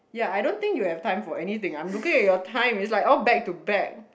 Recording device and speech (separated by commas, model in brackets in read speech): boundary microphone, conversation in the same room